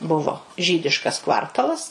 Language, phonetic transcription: Lithuanian, ˈbuvo ˈžydiškas ˈkvartalas

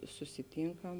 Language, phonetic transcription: Lithuanian, susiˈtynkam

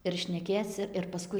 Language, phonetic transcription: Lithuanian, ir šneˈkėc ir paˈskui

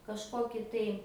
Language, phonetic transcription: Lithuanian, kažˈkoki tai

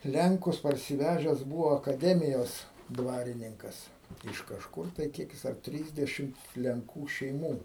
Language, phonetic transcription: Lithuanian, ˈlenkus parsiˈvežes ˈbūvo akaˈdemijos ˈdvarininkas iš kažˈkur tai ˈkiek jis ar ˈtrysdešim lenˈkų šeiˈmų

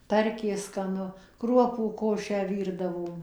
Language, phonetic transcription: Lithuanian, ˈtarkė skaˈnu ˈkruopų ˈkošę ˈvyrdavom

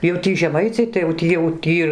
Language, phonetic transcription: Lithuanian, jau ˈtį žeˈmaiciai tai jauˈ tį jau ˈtį

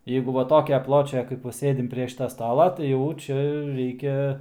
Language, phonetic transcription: Lithuanian, ˈjeigu va ˈtokia ˈpločia kaip ˈva ˈsėdim prie ˈšita ˈstala tai ˈjau ˈčia ˈreikia

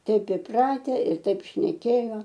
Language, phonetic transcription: Lithuanian, ˈteip iˈprate ir ˈtaip šneˈkėjo

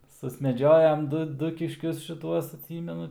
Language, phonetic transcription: Lithuanian, susmeˈdžiojam ˈdu ˈdu kišˈkius šiˈtuos atˈsymenu

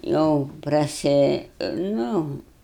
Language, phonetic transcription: Lithuanian, ˈjau praˈsi ˈnu

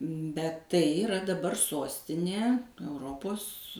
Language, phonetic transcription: Lithuanian, bet ˈtai iˈra daˈbar ˈsostinė euˈropos

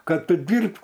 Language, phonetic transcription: Lithuanian, ˈkad ˈtu ˈdyrbk

